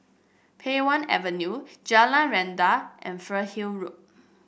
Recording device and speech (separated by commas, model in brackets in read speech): boundary microphone (BM630), read sentence